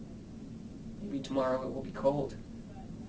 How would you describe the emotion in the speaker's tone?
neutral